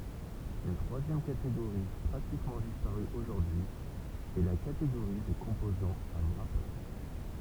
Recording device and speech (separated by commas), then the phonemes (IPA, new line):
temple vibration pickup, read sentence
yn tʁwazjɛm kateɡoʁi pʁatikmɑ̃ dispaʁy oʒuʁdyi ɛ la kateɡoʁi de kɔ̃pozɑ̃z a wʁape